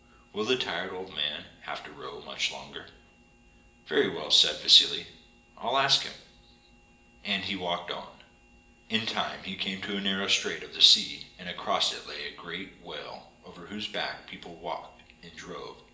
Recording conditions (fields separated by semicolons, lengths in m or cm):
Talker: one person; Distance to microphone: 1.8 m; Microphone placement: close; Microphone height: 1.0 m; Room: large; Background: none